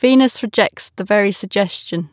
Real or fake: real